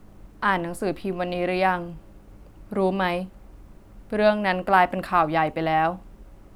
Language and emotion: Thai, neutral